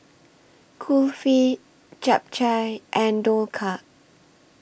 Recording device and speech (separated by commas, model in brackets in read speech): boundary microphone (BM630), read sentence